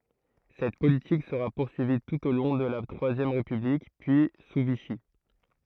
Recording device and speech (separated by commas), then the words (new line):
throat microphone, read sentence
Cette politique sera poursuivie tout au long de la Troisième République, puis sous Vichy.